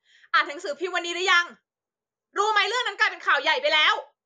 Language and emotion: Thai, angry